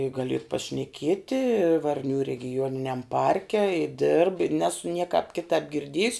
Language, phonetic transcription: Lithuanian, i ˈgali ir pašneˈkieti ˈvarnių regiˈjuoniniam ˈparke i dirb i ˈnesu ˈniekāp ˈkitāp girˈdiejus

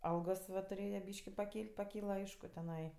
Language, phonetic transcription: Lithuanian, ˈalgos ˈva tuˈrėja ˈbyški paˈkyl't' paˈkyla ˈaišku teˈnai

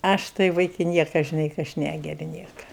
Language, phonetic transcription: Lithuanian, ˈaš tai ˈvaiki ˈnieka žiˈnai ka ˈaš ˈnægeri ˈnieka

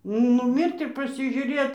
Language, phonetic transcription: Lithuanian, nuˈmirt ir pasižiuˈrė

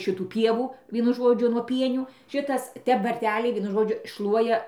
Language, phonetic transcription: Lithuanian, ˈšitų ˈpievų ˈvienu ˈžodžiu nuo ˈpienių ˈšitas ˈtep varˈteliai ˈvienu ˈžodžiu ˈšluoja

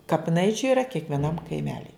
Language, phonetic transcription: Lithuanian, kapiˈnaičiu yra kiekvieˈnam kaiˈmeli

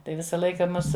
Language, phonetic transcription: Lithuanian, ˈtai ˈvisa ˈlaika ˈmus

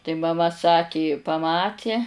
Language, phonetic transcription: Lithuanian, tai maˈma ˈsaki paˈmati

